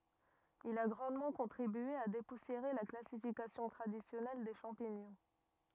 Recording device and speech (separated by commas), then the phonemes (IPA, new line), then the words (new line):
rigid in-ear microphone, read sentence
il a ɡʁɑ̃dmɑ̃ kɔ̃tʁibye a depusjeʁe la klasifikasjɔ̃ tʁadisjɔnɛl de ʃɑ̃piɲɔ̃
Il a grandement contribué à dépoussiérer la classification traditionnelle des champignons.